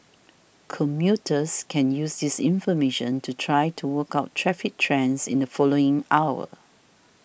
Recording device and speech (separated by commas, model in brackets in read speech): boundary microphone (BM630), read sentence